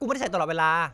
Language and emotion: Thai, angry